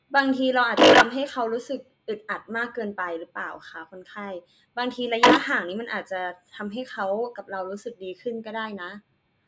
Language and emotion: Thai, neutral